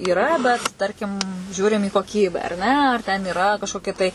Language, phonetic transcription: Lithuanian, yˈra bet ˈtarkim ˈžiūrim į koˈkybę ar ˈne ar ten iˈra kažkoˈkia tai

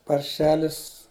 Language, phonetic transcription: Lithuanian, parˈšelis

